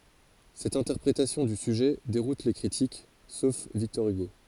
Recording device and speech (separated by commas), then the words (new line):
forehead accelerometer, read sentence
Cette interprétation du sujet déroute les critiques, sauf Victor Hugo.